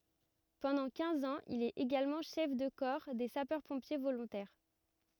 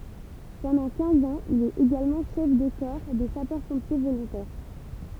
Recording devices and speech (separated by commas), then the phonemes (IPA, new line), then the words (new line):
rigid in-ear microphone, temple vibration pickup, read sentence
pɑ̃dɑ̃ kɛ̃z ɑ̃z il ɛt eɡalmɑ̃ ʃɛf də kɔʁ de sapœʁ pɔ̃pje volɔ̃tɛʁ
Pendant quinze ans, il est également chef de corps des sapeurs-pompiers volontaires.